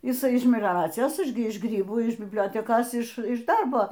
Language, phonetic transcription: Lithuanian, jiˈsai iš melioˈracijos ˈaš gi ˈiš ˈgrybų iš bibˈliotekos iš ˈiš ˈdarbo

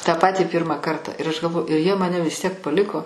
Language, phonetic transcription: Lithuanian, tą ˈpatį ˈpyrma ˈkarta ir aš galˈvoju ir jie ˈmane vis tiek paˈliko

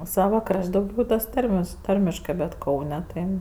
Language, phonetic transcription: Lithuanian, ˈsava ˈkraš't' dauˈgiau tas ˈtarmes ˈtarmiškɜ bet ˈkaune tai

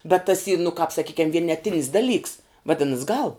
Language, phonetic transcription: Lithuanian, bet tas y nu kāp saˈkykiam vieneˈtinis daˈlyks vaˈdinas gal

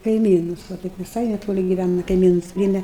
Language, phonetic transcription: Lithuanian, kaiˈmynus va ˈtaip viˈsai neˈtoli giˈvæna kaiˈmynus ˈpryeme

